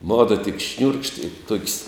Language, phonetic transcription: Lithuanian, ˈmodo tik šniūrkš't' i tok's'

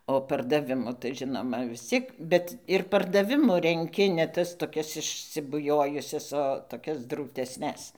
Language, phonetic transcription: Lithuanian, o pardaˈvimu tai ˈžinoma vis ˈciek ˈbet ir pardaˈvimu renˈki ne ˈtas toˈkias išsibuˈjojusias o toˈkias drūtesˈnes

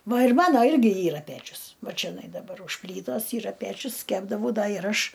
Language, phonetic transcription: Lithuanian, ˈva ir ˈmano ˈirgi ˈyra ˈpečius ˈva čeˈnai daˈbar už ˈplytos ˈyra ˈpæčius ˈkepdavau ˈda ir ˈaš

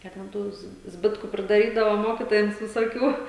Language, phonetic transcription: Lithuanian, ˈką ten ˈtos ˈzbitku pridaˈrydavo ˈmokitojams visoˈkių

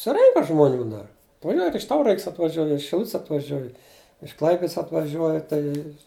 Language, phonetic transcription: Lithuanian, suˈrenka žmoˈnių dar nu ˈjo ir iš ˈtaurags' atvaˈžiuoj ir iš šiˈluts' atvaˈžiuoj iš ˈklaipids atvaˈžiuoja tai

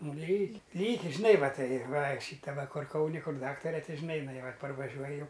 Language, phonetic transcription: Lithuanian, ˈnu ˈlyk' ˈlyki žiˈnai ˈva ˈtai ˈva ˈšyta ˈva ˈkur ˈkauni ˈkur ˈdaktare ˈti žiˈnai iˈnai ˈva parvaˈžiuoj ˈjau

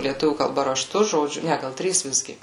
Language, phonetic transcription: Lithuanian, lieˈtuvių kalˈba raˈštu žoˈdžiu ˈne ˈgal ˈtrys ˈvisgi

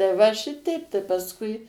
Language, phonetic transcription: Lithuanian, tai ˈva ˈšiteip tai pasˈkui

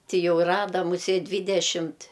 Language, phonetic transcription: Lithuanian, ˈti ˈjau ˈrada muˈsėt' ˈdvydešimt'

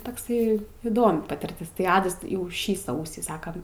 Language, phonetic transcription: Lithuanian, takˈsai įˈdomi patirˈtis tai ˈadas jau ˈšį ˈsausį ˈsakam

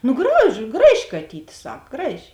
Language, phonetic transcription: Lithuanian, ˈnu graž ˈgraˌži kaˈtyt' ˈsak ˈgraˌži

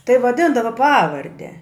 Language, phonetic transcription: Lithuanian, tai vaˈdindava ˈpavarde

